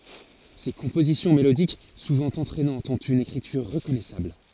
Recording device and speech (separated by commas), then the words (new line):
forehead accelerometer, read sentence
Ses compositions mélodiques, souvent entraînantes, ont une écriture reconnaissable.